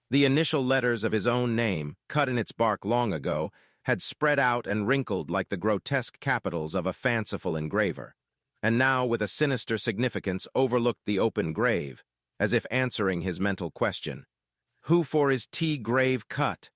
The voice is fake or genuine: fake